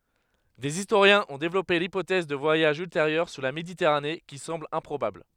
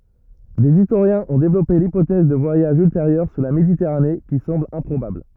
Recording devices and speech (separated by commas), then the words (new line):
headset microphone, rigid in-ear microphone, read sentence
Des historiens ont développé l'hypothèse de voyages ultérieurs sur la Méditerranée, qui semble improbable.